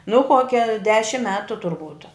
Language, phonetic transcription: Lithuanian, nu ˈkokia ˈdešim ˈmetu turˈbūt

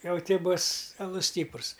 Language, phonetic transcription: Lithuanian, ˈjau ˈty ˈbus aˈlus ˈstyprus

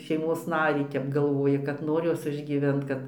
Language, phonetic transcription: Lithuanian, šeiˈmos ˈnarį ˈtep galˈvoji kad ˈnor ˈjos išgyˈvent ˈkad

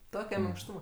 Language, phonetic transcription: Lithuanian, ˈtoke minkˈštūma

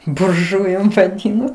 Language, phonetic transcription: Lithuanian, burˈžujum vaˈdyno

